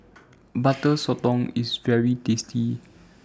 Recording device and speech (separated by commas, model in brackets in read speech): standing microphone (AKG C214), read sentence